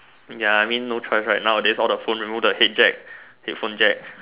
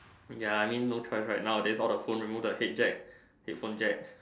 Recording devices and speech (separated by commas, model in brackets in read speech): telephone, standing microphone, conversation in separate rooms